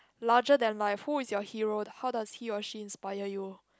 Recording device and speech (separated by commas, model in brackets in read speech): close-talking microphone, conversation in the same room